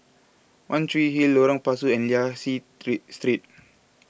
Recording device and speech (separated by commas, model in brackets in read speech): boundary microphone (BM630), read sentence